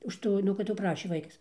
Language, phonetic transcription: Lithuanian, už ˈtų nu kad jau ˈprašė ˈvaikas

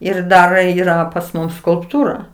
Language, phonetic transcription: Lithuanian, ir ˈdar ˈyra pas ˈmus skulpˈtūra

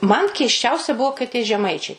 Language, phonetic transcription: Lithuanian, man keisˈčiausia ˈbuo kai tie žeˈmaičiai kal'

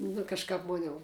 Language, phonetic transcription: Lithuanian, nu kažˈkāp ˈmon' jau

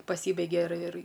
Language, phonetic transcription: Lithuanian, paˈsybeigia ir ir

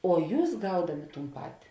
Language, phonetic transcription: Lithuanian, o ˈjūs ˈgaudami ˈtūn ˈpati

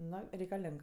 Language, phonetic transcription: Lithuanian, ˈno reikaˈleng

